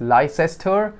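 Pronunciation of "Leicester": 'Leicester' is pronounced incorrectly here.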